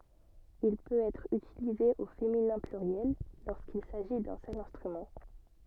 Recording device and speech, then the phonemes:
soft in-ear microphone, read sentence
il pøt ɛtʁ ytilize o feminɛ̃ plyʁjɛl loʁskil saʒi dœ̃ sœl ɛ̃stʁymɑ̃

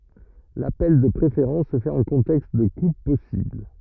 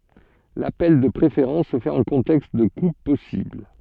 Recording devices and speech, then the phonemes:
rigid in-ear microphone, soft in-ear microphone, read sentence
lapɛl də pʁefeʁɑ̃s sə fɛt ɑ̃ kɔ̃tɛkst də kup pɔsibl

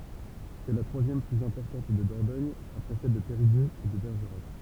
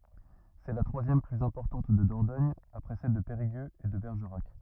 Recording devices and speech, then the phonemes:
temple vibration pickup, rigid in-ear microphone, read sentence
sɛ la tʁwazjɛm plyz ɛ̃pɔʁtɑ̃t də dɔʁdɔɲ apʁɛ sɛl də peʁiɡøz e də bɛʁʒəʁak

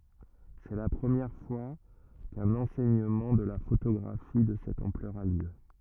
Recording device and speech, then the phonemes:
rigid in-ear microphone, read sentence
sɛ la pʁəmjɛʁ fwa kœ̃n ɑ̃sɛɲəmɑ̃ də la fotoɡʁafi də sɛt ɑ̃plœʁ a ljø

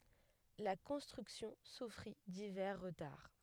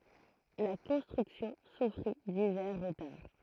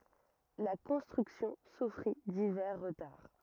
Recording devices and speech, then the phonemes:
headset microphone, throat microphone, rigid in-ear microphone, read sentence
la kɔ̃stʁyksjɔ̃ sufʁi divɛʁ ʁətaʁ

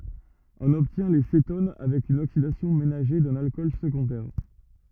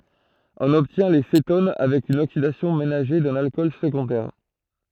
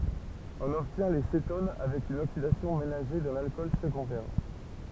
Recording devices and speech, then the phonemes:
rigid in-ear microphone, throat microphone, temple vibration pickup, read sentence
ɔ̃n ɔbtjɛ̃ le seton avɛk yn oksidasjɔ̃ menaʒe dœ̃n alkɔl səɡɔ̃dɛʁ

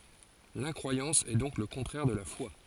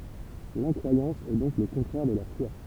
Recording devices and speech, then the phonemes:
forehead accelerometer, temple vibration pickup, read sentence
lɛ̃kʁwajɑ̃s ɛ dɔ̃k lə kɔ̃tʁɛʁ də la fwa

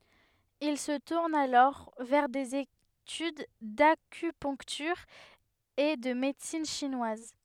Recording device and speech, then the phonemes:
headset microphone, read sentence
il sə tuʁn alɔʁ vɛʁ dez etyd dakypœ̃ktyʁ e də medəsin ʃinwaz

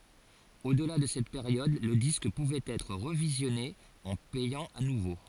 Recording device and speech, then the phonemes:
forehead accelerometer, read sentence
odla də sɛt peʁjɔd lə disk puvɛt ɛtʁ ʁəvizjɔne ɑ̃ pɛjɑ̃ a nuvo

